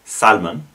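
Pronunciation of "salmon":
'Salmon' is pronounced incorrectly here, with the l sounded.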